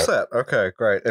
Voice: fucked up voice